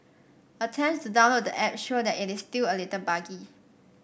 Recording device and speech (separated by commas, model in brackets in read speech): boundary microphone (BM630), read sentence